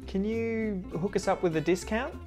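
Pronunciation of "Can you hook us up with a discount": In 'discount', the t at the end, after the n, is muted.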